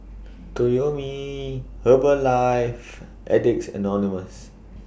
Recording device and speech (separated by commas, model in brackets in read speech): boundary microphone (BM630), read sentence